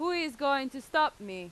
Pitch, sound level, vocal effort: 275 Hz, 94 dB SPL, very loud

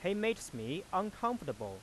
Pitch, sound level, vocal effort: 185 Hz, 92 dB SPL, normal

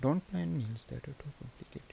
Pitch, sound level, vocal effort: 145 Hz, 76 dB SPL, soft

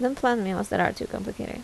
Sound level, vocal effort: 78 dB SPL, soft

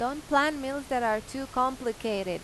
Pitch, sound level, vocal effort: 255 Hz, 91 dB SPL, loud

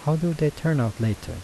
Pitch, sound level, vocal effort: 145 Hz, 79 dB SPL, soft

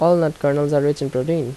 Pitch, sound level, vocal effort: 145 Hz, 82 dB SPL, normal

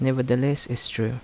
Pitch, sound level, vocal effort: 125 Hz, 77 dB SPL, soft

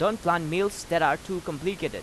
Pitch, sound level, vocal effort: 175 Hz, 92 dB SPL, loud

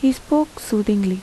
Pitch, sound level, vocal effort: 250 Hz, 79 dB SPL, soft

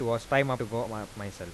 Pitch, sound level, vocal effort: 115 Hz, 88 dB SPL, normal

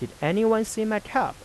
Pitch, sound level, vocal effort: 215 Hz, 89 dB SPL, soft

